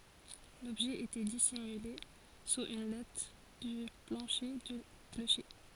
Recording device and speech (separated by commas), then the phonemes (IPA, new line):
forehead accelerometer, read sentence
lɔbʒɛ etɛ disimyle suz yn lat dy plɑ̃ʃe dy kloʃe